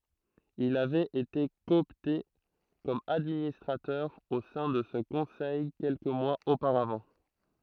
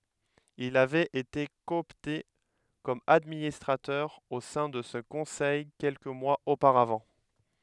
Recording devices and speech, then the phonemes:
throat microphone, headset microphone, read sentence
il avɛt ete kɔɔpte kɔm administʁatœʁ o sɛ̃ də sə kɔ̃sɛj kɛlkə mwaz opaʁavɑ̃

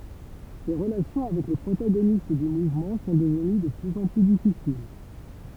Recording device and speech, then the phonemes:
temple vibration pickup, read sentence
se ʁəlasjɔ̃ avɛk le pʁotaɡonist dy muvmɑ̃ sɔ̃ dəvəny də plyz ɑ̃ ply difisil

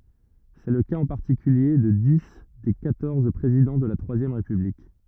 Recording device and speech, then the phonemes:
rigid in-ear microphone, read sentence
sɛ lə kaz ɑ̃ paʁtikylje də di de kwatɔʁz pʁezidɑ̃ də la tʁwazjɛm ʁepyblik

